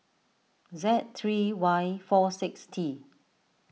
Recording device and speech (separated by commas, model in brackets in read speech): mobile phone (iPhone 6), read sentence